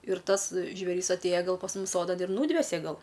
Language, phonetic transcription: Lithuanian, ir ˈtas žvėˈris atˈėja ˈgal pas ˈmum ˈsodan ir ˈnūdvese ˈgal

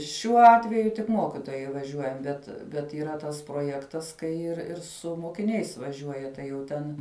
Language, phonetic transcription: Lithuanian, šiuo ˈatveju tik ˈmokitojai vaˈžiuojam ˈbet bet yˈra ˈtas proˈjektas kai ir ˈir su mokiˈniais vaˈžiuoja ˈtai jau ˈten

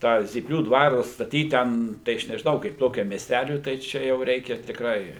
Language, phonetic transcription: Lithuanian, ˈtą zyˈplių ˈdvaru atstaˈtyt ˈten tai ˈaš nežiˈnau kaip ˈtokiam miesˈtæliui tai ˈčia jau ˈreikia tikˈrai

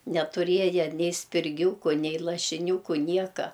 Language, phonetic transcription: Lithuanian, netuˈrieja ˈnei spirˈgiūku ˈnei lašiˈniūku ˈnieka

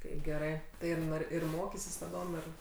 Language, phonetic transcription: Lithuanian, ˈtai geˈrai tai ir ˈnor ir ˈmokisis taˈdom ˈir

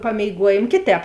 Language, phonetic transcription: Lithuanian, pamėiˈguojėm ˈkėˌtēp

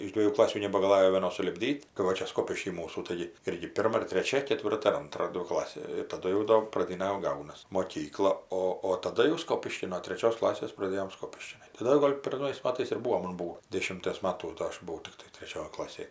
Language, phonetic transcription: Lithuanian, iš ˈdviejų ˈklasių nebagaˈlajo vieˈnos sulipˈdyt kai ˈva ˈčia ˈskopišky ˈmūsų ˈtaigi ˈirgi ˈpirma ir treˈčia keˈtvirta ir ˈantra ˈdvi ˈklasė ir taˈdu jau ˈdo praˈdyna jau ˈgaunas moˈkykla ˈo o taˈda jau ˈskopiškin no treˈčios ˈklasės praˈdėjom ˈskopiški taˈda jau ˈgol' per ˈnaujais ˈmatais ir ˈbūo ˈman ˈbūo ˈdėšimties ˈmatų ˈdo ˈaš buˈvau ˈtiktai treˈčioj ˈklasėj

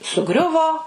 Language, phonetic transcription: Lithuanian, suˈgriuvo

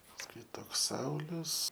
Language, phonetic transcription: Lithuanian, pasˈkui ˈtoks ˈsaulius

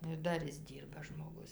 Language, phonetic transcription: Lithuanian, nu ir ˈdar ˈis ˈdyrba žmoˈgus

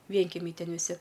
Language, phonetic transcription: Lithuanian, ˈvienkemiai ˈten viˈsi

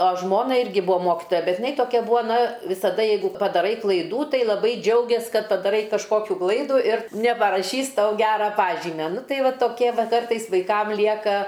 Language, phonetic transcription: Lithuanian, a ˈžmona ˈirgi ˈbua ˈmokitoja ˈbet jiˈnai toˈkia ˈbua ˈna visaˈda ˈjeigu padaˈrai klaiˈdų ˈtai laˈbai ˈdžiaugės ˈkad padaˈrai kažˈkokių ˈklaidų ir neparaˈšys ˈtau ˈgera ˈpažymia ˈnu ˈtai ˈva toˈkie ˈva ˈkartais vaiˈkam ˈlieka

